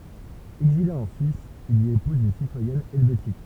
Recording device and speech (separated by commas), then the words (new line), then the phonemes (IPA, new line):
temple vibration pickup, read sentence
Exilé en Suisse, il y épouse une citoyenne helvétique.
ɛɡzile ɑ̃ syis il i epuz yn sitwajɛn ɛlvetik